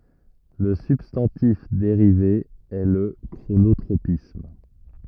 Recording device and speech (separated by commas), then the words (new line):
rigid in-ear microphone, read sentence
Le substantif dérivé est le chronotropisme.